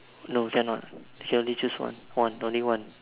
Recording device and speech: telephone, conversation in separate rooms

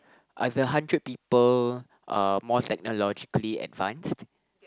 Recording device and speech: close-talking microphone, conversation in the same room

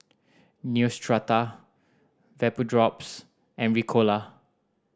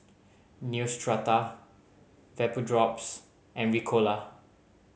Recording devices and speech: standing microphone (AKG C214), mobile phone (Samsung C5010), read sentence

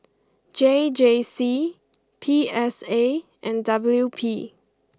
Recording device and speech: close-talking microphone (WH20), read sentence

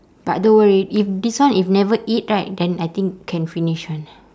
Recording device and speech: standing microphone, conversation in separate rooms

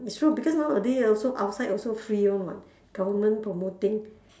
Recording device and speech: standing microphone, conversation in separate rooms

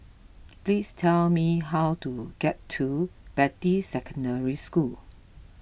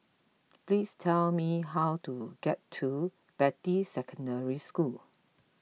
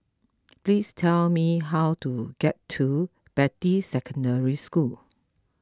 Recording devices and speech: boundary microphone (BM630), mobile phone (iPhone 6), close-talking microphone (WH20), read sentence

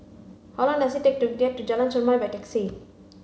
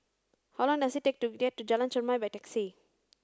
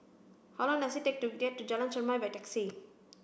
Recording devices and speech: mobile phone (Samsung C5), standing microphone (AKG C214), boundary microphone (BM630), read sentence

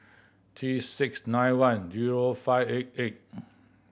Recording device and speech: boundary microphone (BM630), read sentence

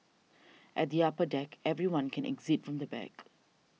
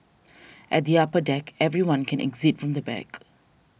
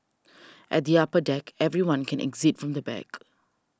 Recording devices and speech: mobile phone (iPhone 6), boundary microphone (BM630), standing microphone (AKG C214), read sentence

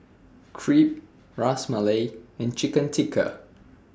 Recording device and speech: standing microphone (AKG C214), read sentence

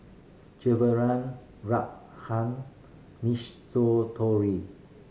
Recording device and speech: mobile phone (Samsung C5010), read sentence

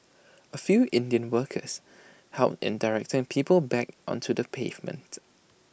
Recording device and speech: boundary microphone (BM630), read sentence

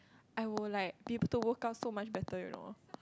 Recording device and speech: close-talking microphone, conversation in the same room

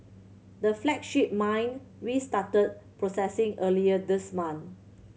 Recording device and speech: mobile phone (Samsung C7100), read sentence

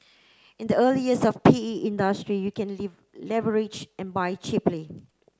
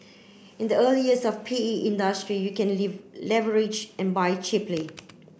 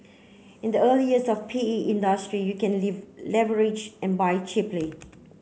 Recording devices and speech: close-talking microphone (WH30), boundary microphone (BM630), mobile phone (Samsung C9), read sentence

